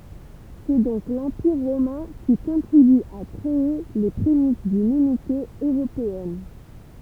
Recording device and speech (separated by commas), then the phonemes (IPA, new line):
temple vibration pickup, read sentence
sɛ dɔ̃k lɑ̃piʁ ʁomɛ̃ ki kɔ̃tʁiby a kʁee le pʁemis dyn ynite øʁopeɛn